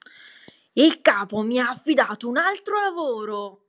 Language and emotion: Italian, angry